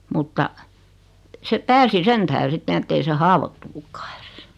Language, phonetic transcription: Finnish, mutta , se 'pääsi 'sen tähre 'sitten ‿ettei 'se "haavottunukkᴀᴀ ᴇʀᴇs .
- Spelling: mutta se pääsi sen tähden sitten että ei se haavoittunutkaan edes

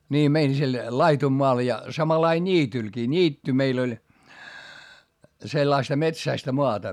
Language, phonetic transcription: Finnish, nii mein sil , laitummoal ja , samalai ńiitylkii , ńiitty meil ‿oĺ , sellaista metsäistä moata .
- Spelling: niin meidän sillä laidunmaalla ja samanlainen niitylläkin niitty meillä oli sellaista metsäistä maata

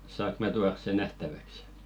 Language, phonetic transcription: Finnish, 'saak mä tuars̆ 'se "nähtäväks .
- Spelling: saanko minä tuoda sen nähtäväksi

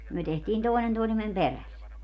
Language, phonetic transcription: Finnish, 'myö tehtiin 'tòenen tòesemmem "peräs .
- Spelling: me tehtiin toinen toisemme perässä

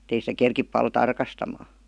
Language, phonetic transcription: Finnish, [Et]tei sitä 'kerkip pal "tarkastamaa .
- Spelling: että ei sitä kerkiä paljon tarkastamaan

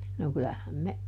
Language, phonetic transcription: Finnish, no kylähäm me ,.
- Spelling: no kyllähän me

